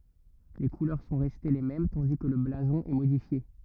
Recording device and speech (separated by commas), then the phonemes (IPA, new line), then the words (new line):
rigid in-ear microphone, read sentence
le kulœʁ sɔ̃ ʁɛste le mɛm tɑ̃di kə lə blazɔ̃ ɛ modifje
Les couleurs sont restées les mêmes tandis que le blason est modifié.